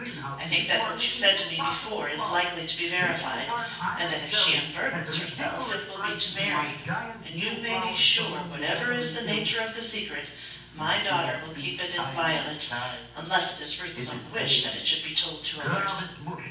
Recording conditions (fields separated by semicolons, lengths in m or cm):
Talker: one person; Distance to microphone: 9.8 m; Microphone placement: far; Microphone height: 1.8 m; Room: large; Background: television